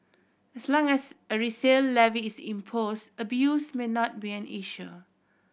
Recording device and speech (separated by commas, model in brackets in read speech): boundary microphone (BM630), read sentence